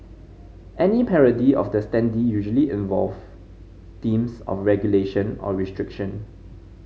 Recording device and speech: mobile phone (Samsung C5010), read sentence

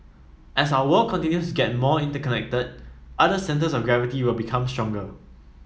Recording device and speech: mobile phone (iPhone 7), read sentence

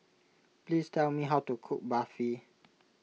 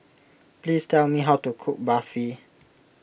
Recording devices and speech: mobile phone (iPhone 6), boundary microphone (BM630), read sentence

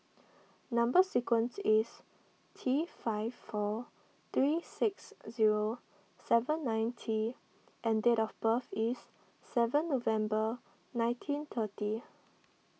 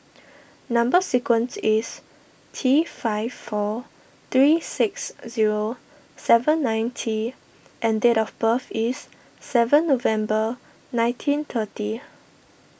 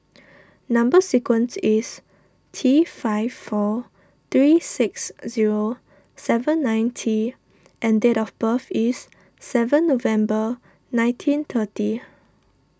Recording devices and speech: mobile phone (iPhone 6), boundary microphone (BM630), standing microphone (AKG C214), read sentence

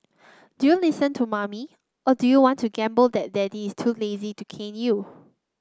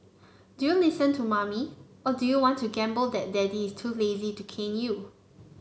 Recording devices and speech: close-talking microphone (WH30), mobile phone (Samsung C9), read sentence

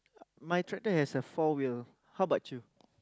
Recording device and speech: close-talking microphone, conversation in the same room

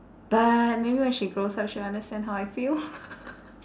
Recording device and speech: standing microphone, conversation in separate rooms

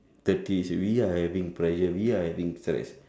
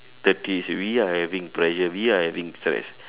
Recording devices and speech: standing microphone, telephone, conversation in separate rooms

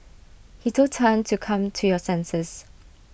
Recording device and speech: boundary microphone (BM630), read sentence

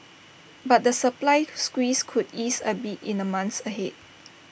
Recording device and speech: boundary microphone (BM630), read sentence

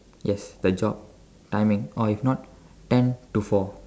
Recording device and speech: standing microphone, conversation in separate rooms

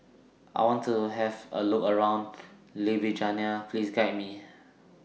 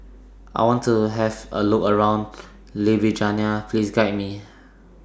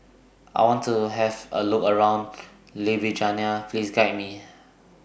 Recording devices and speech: mobile phone (iPhone 6), standing microphone (AKG C214), boundary microphone (BM630), read sentence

